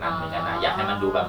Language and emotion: Thai, neutral